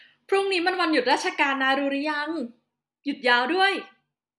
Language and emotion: Thai, happy